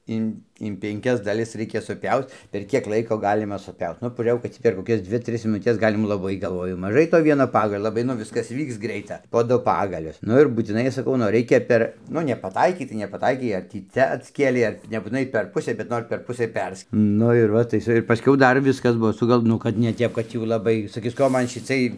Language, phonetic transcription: Lithuanian, ˈin in penˈkias daˈlis ˈreikia suˈpiauc per ˈkiek ˈlaiko ˈgalima suˈpiaut ˈnu pažiūˈrėjau kad ˈtį per koˈkias ˈdvi ˈtris minuˈtes ˈgalima laˈbai galˈvoju maˈžai to ˈvieno ˈpagalio laˈbai nu ˈviskas ˈvyks ˈgreita po ˈdu ˈpagalius ˈnu ir būtiˈnai saˈkau nu ˈraikia ˈper ˈnu nepaˈtaikei tai nepaˈtaikei ar ˈtį ˈcia atˈskėlei ˈar nebūtiˈnai per ˈpusė bet ˈnor per ˈpusɘ ˈpers ˈnu ir ˈva tai iˈsai paˈskiau ˈdar ˈviskas ˈbuo ˈsugal ˈnu kad ne ˈtep kad jau laˈbai saˈkis ˈko ˈman šiˈcɨɜj

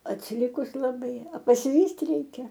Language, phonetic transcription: Lithuanian, atsiˈlikus laˈbai a pasiˈvyst' ˈreikia

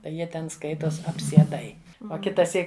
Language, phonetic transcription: Lithuanian, tai ˈjie ten ˈskaitos apsieˈdai o kitaˈsyk

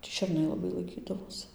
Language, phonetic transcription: Lithuanian, tį šerˈnai laˈbai laiˈkydavos

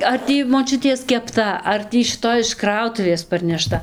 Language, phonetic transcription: Lithuanian, ar ˈtį moˈčiuties kepˈta ar ˈtį šiˈtoj iš ˈkrautuvės parneˈšta

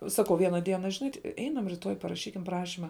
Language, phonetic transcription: Lithuanian, ˈsakau ˈviena ˈdiena žiˈnai ˈeinam riˈtoj paraˈšykim ˈprašima

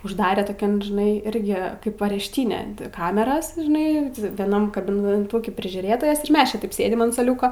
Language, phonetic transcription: Lithuanian, užˈdarė toˈkian žiˈnai ˈirgi ˈkaip arešˈtyne ˈkameras žiˈnai vieˈnam kabineˈtūki prižiūˈrėtojas ir ˈmes čia ˈtaip ˈsėdim an suoˈliūko

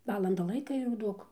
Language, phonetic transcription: Lithuanian, ˈvalanda ˈlaika jau ˈduok

